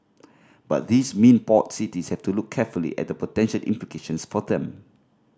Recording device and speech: standing microphone (AKG C214), read sentence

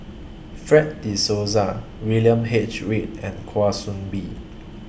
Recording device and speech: boundary microphone (BM630), read sentence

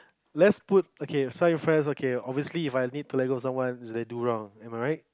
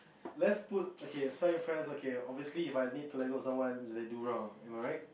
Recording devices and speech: close-talking microphone, boundary microphone, conversation in the same room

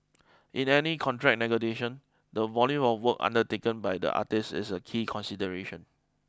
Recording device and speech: close-talking microphone (WH20), read sentence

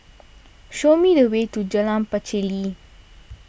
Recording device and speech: boundary microphone (BM630), read sentence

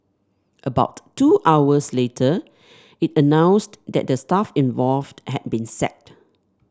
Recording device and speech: standing microphone (AKG C214), read sentence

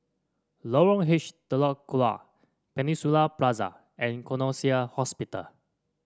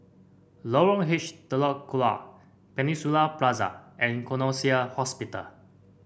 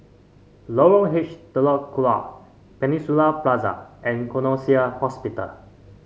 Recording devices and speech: standing microphone (AKG C214), boundary microphone (BM630), mobile phone (Samsung C5), read sentence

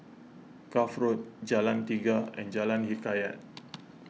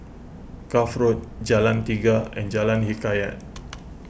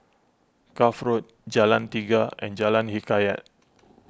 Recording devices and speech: mobile phone (iPhone 6), boundary microphone (BM630), close-talking microphone (WH20), read sentence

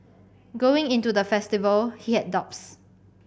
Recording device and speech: boundary microphone (BM630), read sentence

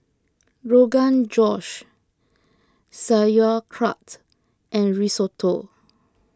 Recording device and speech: close-talking microphone (WH20), read sentence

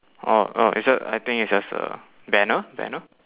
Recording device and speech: telephone, conversation in separate rooms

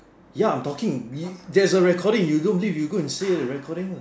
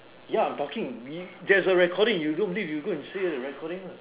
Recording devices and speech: standing microphone, telephone, conversation in separate rooms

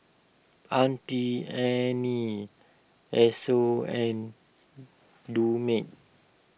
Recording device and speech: boundary microphone (BM630), read sentence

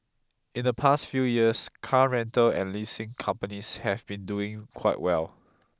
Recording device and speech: close-talking microphone (WH20), read sentence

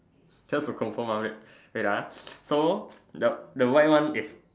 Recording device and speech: standing microphone, conversation in separate rooms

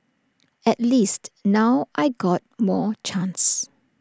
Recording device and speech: standing microphone (AKG C214), read sentence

